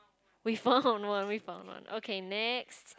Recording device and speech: close-talking microphone, conversation in the same room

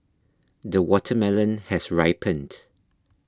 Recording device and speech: close-talking microphone (WH20), read sentence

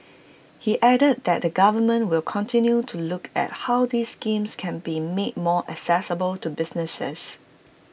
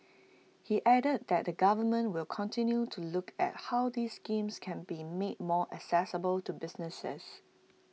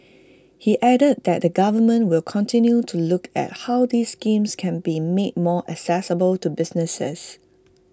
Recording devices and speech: boundary microphone (BM630), mobile phone (iPhone 6), close-talking microphone (WH20), read sentence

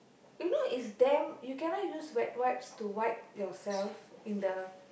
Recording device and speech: boundary microphone, conversation in the same room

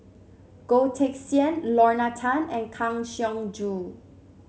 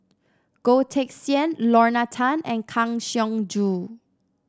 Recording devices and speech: mobile phone (Samsung C7), standing microphone (AKG C214), read sentence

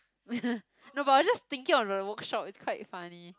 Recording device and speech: close-talking microphone, conversation in the same room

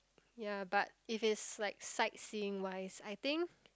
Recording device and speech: close-talking microphone, conversation in the same room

